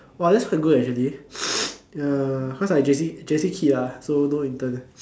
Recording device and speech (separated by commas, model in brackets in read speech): standing microphone, conversation in separate rooms